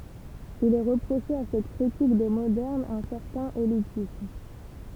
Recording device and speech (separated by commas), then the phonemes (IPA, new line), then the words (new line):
temple vibration pickup, read sentence
il ɛ ʁəpʁoʃe a sɛt kʁitik de modɛʁnz œ̃ sɛʁtɛ̃n elitism
Il est reproché à cette critique des modernes un certain élitisme.